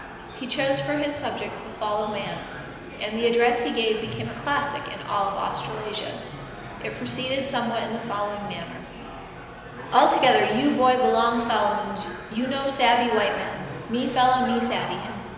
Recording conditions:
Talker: one person; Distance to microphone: 1.7 m; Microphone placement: close; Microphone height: 1.0 m; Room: very reverberant, large; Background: babble

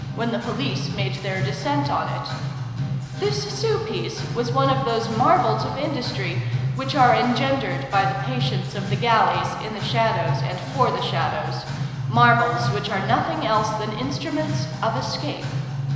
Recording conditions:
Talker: one person; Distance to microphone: 1.7 m; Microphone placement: close; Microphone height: 1.0 m; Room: very reverberant, large; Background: music

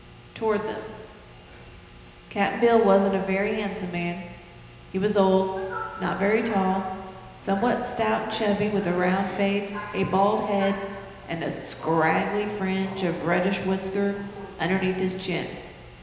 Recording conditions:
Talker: one person; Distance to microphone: 1.7 m; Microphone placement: close; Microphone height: 1.0 m; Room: very reverberant, large; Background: television

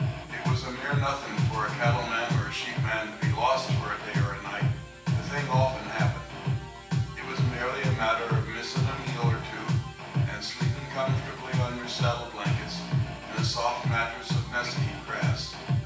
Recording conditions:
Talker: one person; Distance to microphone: 9.8 m; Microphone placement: far; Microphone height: 1.8 m; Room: large; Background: music

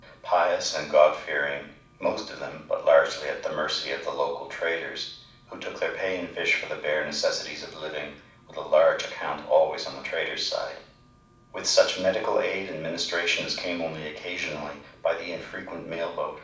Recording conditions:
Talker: one person; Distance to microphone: 5.8 m; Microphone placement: far; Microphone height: 1.8 m; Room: medium-sized (5.7 m by 4.0 m); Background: none

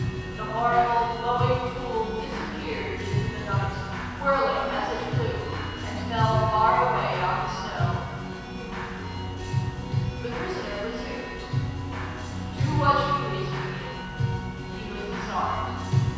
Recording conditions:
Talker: one person; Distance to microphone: 7.1 m; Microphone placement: far; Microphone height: 1.7 m; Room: very reverberant, large; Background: music

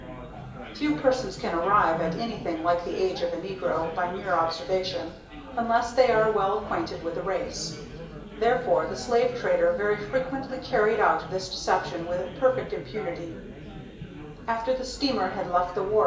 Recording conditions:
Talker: one person; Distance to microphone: 1.8 m; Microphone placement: close; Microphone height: 1.0 m; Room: large; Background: babble

